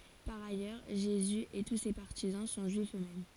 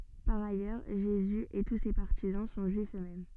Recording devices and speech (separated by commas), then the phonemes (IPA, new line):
forehead accelerometer, soft in-ear microphone, read sentence
paʁ ajœʁ ʒezy e tu se paʁtizɑ̃ sɔ̃ ʒyifz øksmɛm